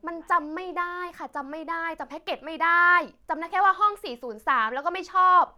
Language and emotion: Thai, frustrated